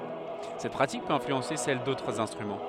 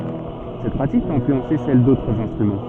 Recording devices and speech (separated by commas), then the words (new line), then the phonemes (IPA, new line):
headset microphone, soft in-ear microphone, read sentence
Cette pratique peut influencer celle d’autres instruments.
sɛt pʁatik pøt ɛ̃flyɑ̃se sɛl dotʁz ɛ̃stʁymɑ̃